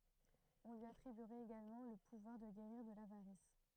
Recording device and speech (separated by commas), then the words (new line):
throat microphone, read sentence
On lui attribuerait également le pouvoir de guérir de l'avarice.